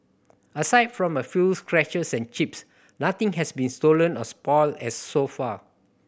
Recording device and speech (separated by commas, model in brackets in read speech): boundary microphone (BM630), read sentence